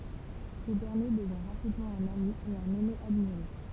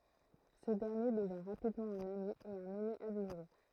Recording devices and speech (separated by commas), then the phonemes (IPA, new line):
temple vibration pickup, throat microphone, read sentence
sə dɛʁnje dəvjɛ̃ ʁapidmɑ̃ œ̃n ami e œ̃n ɛne admiʁe